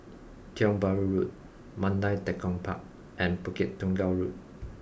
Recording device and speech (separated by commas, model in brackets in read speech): boundary microphone (BM630), read sentence